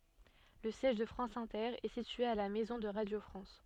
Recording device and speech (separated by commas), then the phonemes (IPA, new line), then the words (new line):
soft in-ear microphone, read sentence
lə sjɛʒ də fʁɑ̃s ɛ̃tɛʁ ɛ sitye a la mɛzɔ̃ də ʁadjo fʁɑ̃s
Le siège de France Inter est situé à la Maison de Radio France.